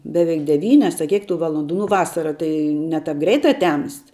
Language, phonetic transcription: Lithuanian, beˈveik deˈvynias a ˈkiek tų ˈvalondų nu ˈvasara ˈtai ˈne ˌtap ˈgreita ˈtemst

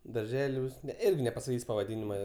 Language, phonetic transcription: Lithuanian, darˈželiūs ˈirgi nepasaˈkys' pavaˈdinima

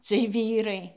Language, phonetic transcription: Lithuanian, ciej ˈvyrai

